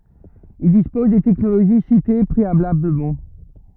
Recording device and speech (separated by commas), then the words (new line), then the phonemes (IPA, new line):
rigid in-ear microphone, read sentence
Ils disposent des technologies citées préalablement.
il dispoz de tɛknoloʒi site pʁealabləmɑ̃